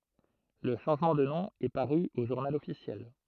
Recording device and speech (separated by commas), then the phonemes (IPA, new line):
throat microphone, read sentence
lə ʃɑ̃ʒmɑ̃ də nɔ̃ ɛ paʁy o ʒuʁnal ɔfisjɛl